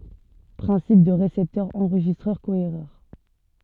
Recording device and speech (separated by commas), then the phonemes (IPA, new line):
soft in-ear microphone, read sentence
pʁɛ̃sip dy ʁesɛptœʁ ɑ̃ʁʒistʁœʁ koeʁœʁ